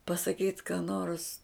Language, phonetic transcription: Lithuanian, pasaˈkyt ką nors

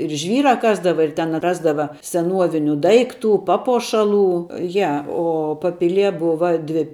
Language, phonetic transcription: Lithuanian, ir ˈžvyra ˈkasdava ir ten ˈrasdava seˈnuoviniu ˈdaikˌtu ˈpapuošaˌlų ˈja ˈo paˈpilie ˈbuva ˈdvi

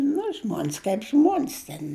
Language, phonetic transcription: Lithuanian, nu ˈžmon's kaip ˈžmon's' ten

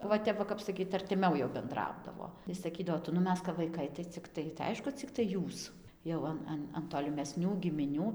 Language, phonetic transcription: Lithuanian, va ˈtep va ˈkap saˈkyt artiˈmiau jau benˈdraudavo tai saˈkydavo ˈtu nu ˈmes kap vaiˈkai tai cikˈtai tai ˈaišku cikˈtai ˈjūs jau ˈan ˈan an tolimeˈsnių gimiˈnių

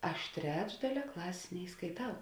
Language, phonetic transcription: Lithuanian, ˈaš ˈtrečdalia ˈklasės neiskaiˈtau

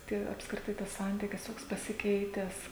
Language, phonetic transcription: Lithuanian, ˈtie apskriˈtai tas ˈsantykis ˈtoks pasiˈkeitęs

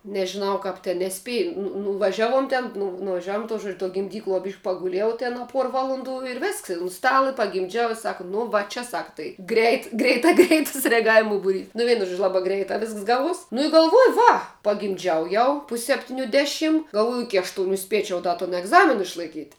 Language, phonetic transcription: Lithuanian, nežiˈnau ˈkap ti neˈspie nu nuvaˈžiaˌvuom ten nu nuvaˈžiavuom tuo žuodž tuo gimˈdykluo byš' paguˈliejau ˈten a ˈpuor ˈvalonˌdų ir ˈvisks i un ˈstala i pagimˈdžiau i ˈsaka nu ˈva čia ˈsaka tai ˈgreit greiˈta ˈgreitas reaˈgavimu buˈrys nu ˈvienu ˈžuodžiu ˈlabā ˈgreitā ˈvisks ˈgaˌvuos nu i galˈvuoju ˈva pagimˈdžiau ˈjau pus' sepˈtiniu ˈdeˌšim galˈvuoju ˈiki ašˈtuniu ˈspiečiau ˈda ton egˈzamin išlaiˈkyt'

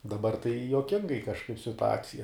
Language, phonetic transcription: Lithuanian, daˈbar tai juoˈkingai kažˈkaip situˈacija

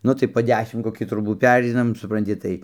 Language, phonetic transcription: Lithuanian, ˈnu tai po ˈdešim koˈkį troˈbų ˈpereinam supranˈti ˈtai

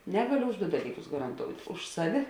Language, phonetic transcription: Lithuanian, ˈnegaliu už du ˈdalyˌkus garanˈtout' ˈuž saˌvi

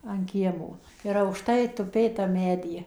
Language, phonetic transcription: Lithuanian, an ˈkiemo ir aukˈštai tuˈpė tam ˈmedy

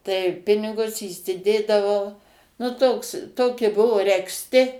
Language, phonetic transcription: Lithuanian, tai ˈpinigus įsiˈdėdavau nu ˈtoks ˈtoki ˈbuvo regzˈti

